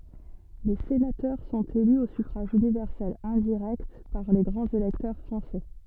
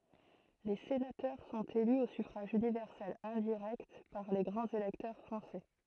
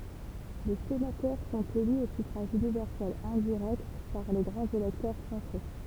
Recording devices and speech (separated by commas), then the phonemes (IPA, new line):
soft in-ear microphone, throat microphone, temple vibration pickup, read sentence
le senatœʁ sɔ̃t ely o syfʁaʒ ynivɛʁsɛl ɛ̃diʁɛkt paʁ le ɡʁɑ̃z elɛktœʁ fʁɑ̃sɛ